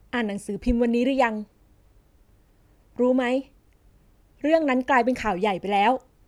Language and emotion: Thai, neutral